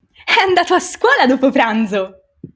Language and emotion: Italian, happy